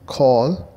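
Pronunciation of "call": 'call' is pronounced correctly here.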